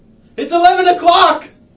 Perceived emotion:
fearful